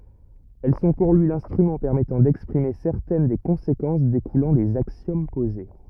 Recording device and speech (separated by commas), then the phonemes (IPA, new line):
rigid in-ear microphone, read sentence
ɛl sɔ̃ puʁ lyi lɛ̃stʁymɑ̃ pɛʁmɛtɑ̃ dɛkspʁime sɛʁtɛn de kɔ̃sekɑ̃s dekulɑ̃ dez aksjom poze